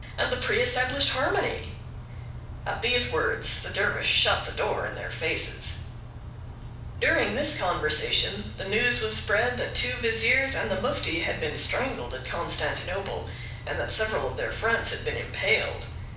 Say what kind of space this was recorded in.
A moderately sized room.